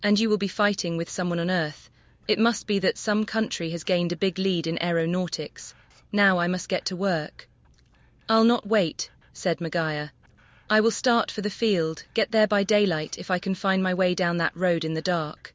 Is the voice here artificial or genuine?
artificial